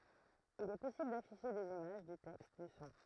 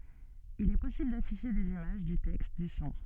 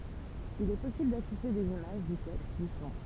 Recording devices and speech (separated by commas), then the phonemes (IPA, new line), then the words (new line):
throat microphone, soft in-ear microphone, temple vibration pickup, read sentence
il ɛ pɔsibl dafiʃe dez imaʒ dy tɛkst dy sɔ̃
Il est possible d'afficher des images, du texte, du son.